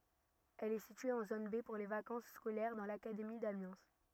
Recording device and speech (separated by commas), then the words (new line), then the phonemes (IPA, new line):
rigid in-ear microphone, read sentence
Elle est située en zone B pour les vacances scolaires, dans l'académie d'Amiens.
ɛl ɛ sitye ɑ̃ zon be puʁ le vakɑ̃s skolɛʁ dɑ̃ lakademi damjɛ̃